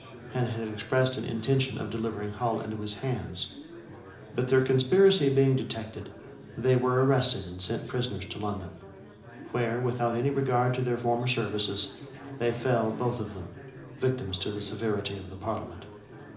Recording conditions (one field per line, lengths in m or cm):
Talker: one person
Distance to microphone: 2.0 m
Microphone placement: close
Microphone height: 99 cm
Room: medium-sized (5.7 m by 4.0 m)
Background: babble